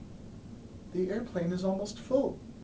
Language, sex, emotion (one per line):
English
male
sad